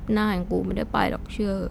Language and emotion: Thai, frustrated